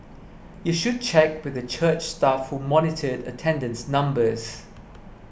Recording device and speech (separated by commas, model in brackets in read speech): boundary microphone (BM630), read sentence